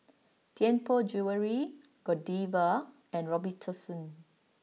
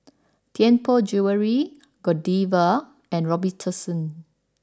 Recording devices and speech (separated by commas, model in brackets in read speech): mobile phone (iPhone 6), standing microphone (AKG C214), read sentence